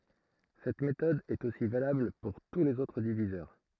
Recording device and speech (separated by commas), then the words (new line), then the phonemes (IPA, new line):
throat microphone, read sentence
Cette méthode est aussi valable pour tous les autres diviseurs.
sɛt metɔd ɛt osi valabl puʁ tu lez otʁ divizœʁ